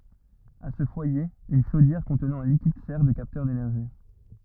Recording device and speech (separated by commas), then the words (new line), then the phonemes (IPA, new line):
rigid in-ear microphone, read sentence
À ce foyer, une chaudière contenant un liquide sert de capteur d'énergie.
a sə fwaje yn ʃodjɛʁ kɔ̃tnɑ̃ œ̃ likid sɛʁ də kaptœʁ denɛʁʒi